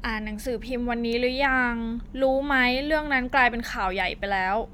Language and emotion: Thai, frustrated